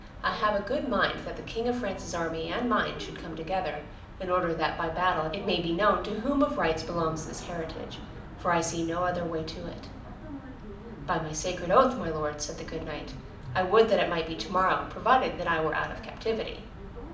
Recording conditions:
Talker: one person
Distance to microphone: 2.0 m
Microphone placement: close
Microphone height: 99 cm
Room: medium-sized (5.7 m by 4.0 m)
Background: television

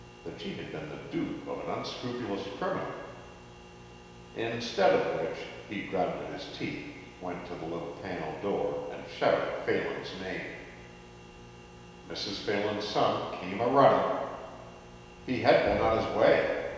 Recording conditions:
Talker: one person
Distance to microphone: 1.7 m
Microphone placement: close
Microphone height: 1.0 m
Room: very reverberant, large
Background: none

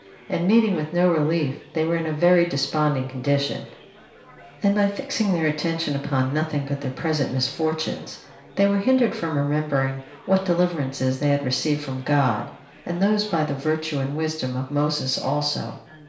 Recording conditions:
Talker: one person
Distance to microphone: 1.0 m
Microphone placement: close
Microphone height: 1.1 m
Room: small (3.7 m by 2.7 m)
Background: babble

